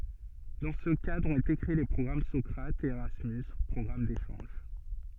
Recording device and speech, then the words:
soft in-ear microphone, read sentence
Dans ce cadre ont été créés les programmes Socrates et Erasmus - programmes d'échanges.

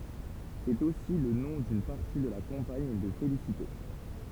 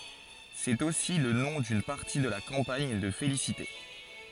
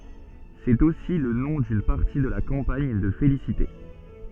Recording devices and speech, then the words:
temple vibration pickup, forehead accelerometer, soft in-ear microphone, read sentence
C'est aussi le nom d'une partie de la campagne de félicité.

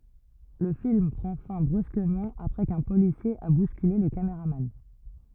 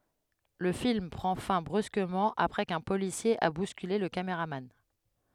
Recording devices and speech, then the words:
rigid in-ear microphone, headset microphone, read sentence
Le film prend fin brusquement après qu'un policier a bousculé le cameraman.

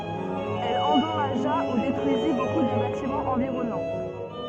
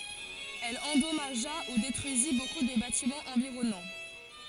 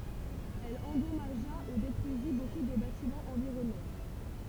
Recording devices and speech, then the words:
soft in-ear microphone, forehead accelerometer, temple vibration pickup, read sentence
Elle endommagea ou détruisit beaucoup de bâtiments environnants.

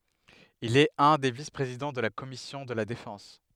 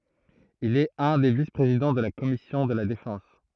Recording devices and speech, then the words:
headset microphone, throat microphone, read sentence
Il est un des vice-présidents de la commission de la Défense.

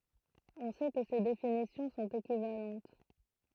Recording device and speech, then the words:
throat microphone, read sentence
On sait que ces définitions sont équivalentes.

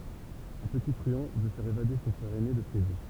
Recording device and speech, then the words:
temple vibration pickup, read sentence
Un petit truand veut faire évader son frère aîné de prison.

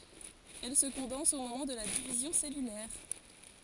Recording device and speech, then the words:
forehead accelerometer, read sentence
Elle se condense au moment de la division cellulaire.

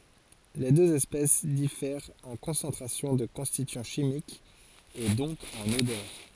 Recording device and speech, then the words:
forehead accelerometer, read sentence
Les deux espèces diffèrent en concentration de constituants chimiques et donc en odeur.

